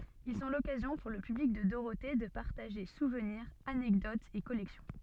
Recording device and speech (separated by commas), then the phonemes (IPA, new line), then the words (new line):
soft in-ear microphone, read sentence
il sɔ̃ lɔkazjɔ̃ puʁ lə pyblik də doʁote də paʁtaʒe suvniʁz anɛkdotz e kɔlɛksjɔ̃
Ils sont l'occasion pour le public de Dorothée de partager souvenirs, anecdotes et collections.